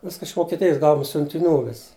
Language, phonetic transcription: Lithuanian, ˈviska iš vokieˈtijis ˈgauom siuntiˈnių ˈvis

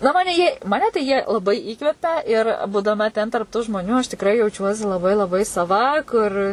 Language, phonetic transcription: Lithuanian, na ˈmane jie maˈne tai ˈjie laˈbai ˈįkvepia ir būdaˈma ten tarp ˈtų žmoˈnių aš tikˈrai jauˈčiuosi laˈbai laˈbai saˈva ˈkur

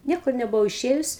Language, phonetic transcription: Lithuanian, ˈniekur nebuˈvau iˈšėjus

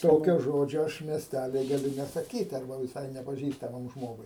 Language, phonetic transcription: Lithuanian, ˈtokio ˈžodžio ˈaš miesˈtæly gaˈliu nesaˈkyt arˈba viˈsai nepaˈžįstamam ˈžmogui

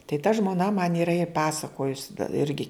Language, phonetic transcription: Lithuanian, tai ta žmoˈna man yˈra i ˈpasakojus ˈirgi

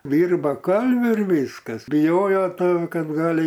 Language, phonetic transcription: Lithuanian, ˈdyrba ˈkalviu ir ˈvyskas biˈjojo ˈto ˈkad ˈgali

